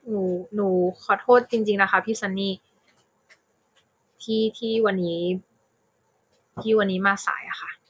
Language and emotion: Thai, sad